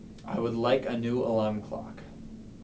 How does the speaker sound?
neutral